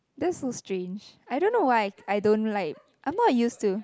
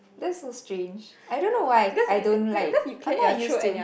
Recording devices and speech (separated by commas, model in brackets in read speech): close-talking microphone, boundary microphone, conversation in the same room